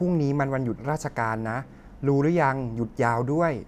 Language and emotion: Thai, neutral